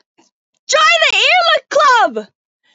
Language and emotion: English, surprised